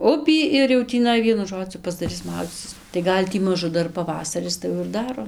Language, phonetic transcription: Lithuanian, ˈupį ir jau tįˈnai ˈvienu ˈžodziu pasdaˈris ˈmaudzycis tai ˈgal' tį ˈmažu ˈdar paˈvasaris tai ˈjau ir ˈdaro

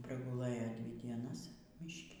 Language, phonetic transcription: Lithuanian, praguˈlɘjo ˈdvi dieˈnas ˈmyški

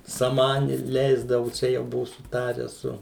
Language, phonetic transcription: Lithuanian, saˈmani ˈleisdavu ˈčia jau ˈbuvu suˈtarę ˈsu

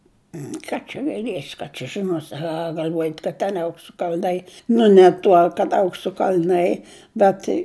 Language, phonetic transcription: Lithuanian, ˈką čia gaiˈliesi ˈką čia žiˈnosi a gal'ˈvojat' kad ten ˈauksu kal'ˈnai nu ne ˈtuo kad ˈauksu kal'ˈnai bet

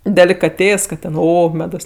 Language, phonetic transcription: Lithuanian, delikaˈtės ˈkad ˈten ˈo ˈmedos

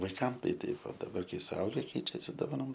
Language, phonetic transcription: Lithuanian, vaiˈkam ˈtai ˈtaip o daˈbar ˈkai suˈauge ˈkeičiasi doˈvanom

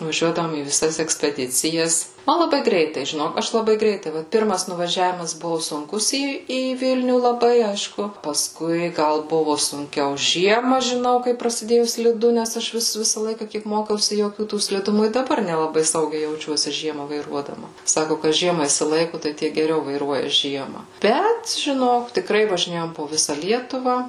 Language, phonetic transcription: Lithuanian, vaˈžiuodavom į viˈsas ekspeˈdicijas ˈman laˈbai ˈgreitai žiˈnok ˈaš laˈbai ˈgreitai ˈvat ˈpirmas nuvaˈžiavimas ˈbuvo sunˈkus ˈį į ˈvilnių laˈbai ˈaišku paˈskui ˈgal ˈbuvu sunˈkiau ˈžiema žiˈnau kaip prasiˈdėju sliˈdu nes ˈaš ˈvis ˈvisa laika ˈkiek ˈmokiausi joˈkių ˈtų sliˈdumų i daˈbar nelaˈbai ˈsaugiai jauˈčiuosi ˈžiema vaiˈruodama ˈsaku kas ˈžiema išsiˈlaiku tai ˈtie geˈriau vaiˈruoja ˈžiema ˈbet žiˈnok tikˈrai važiˈnėjom po ˈvisa ˈlietuva

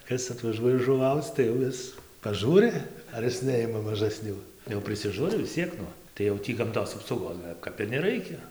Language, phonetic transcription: Lithuanian, ˈkas atvaˈžuoja žuˈvauc tai jau ˈis paˈžūri ar ˈis ˈneima mažaˈsnių jau prisiˈžūri vis ˈciek nu tai jau ˈtį gamˈtos apsauˈgos kap ir neˈraikia

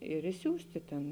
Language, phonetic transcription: Lithuanian, ir išˈsiųsti tėn

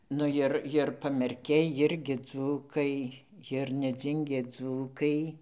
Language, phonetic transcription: Lithuanian, ˈnu ˈjir ˈjir ir pamerˈkiai ˈjirgi ˈdzūkai jir neˈdzingė ˈdzūkai

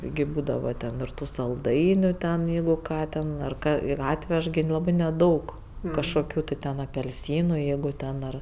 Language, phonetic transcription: Lithuanian, tiˈgi ˈbūdava ten ir ˈtų salˈdainiu ten jeigu ˈką ten ar ˈką ir ˈatvež gi ˈlabɜ neˈdaug kažkoˈkių ti ˈten apelˈsynu ˈjeigu ˈten ar

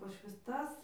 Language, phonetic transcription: Lithuanian, paš visˈtas

